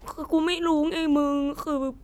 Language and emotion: Thai, sad